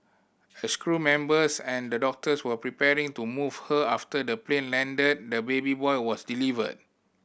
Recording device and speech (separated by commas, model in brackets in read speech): boundary microphone (BM630), read sentence